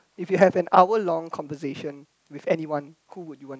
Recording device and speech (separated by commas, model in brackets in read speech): close-talking microphone, conversation in the same room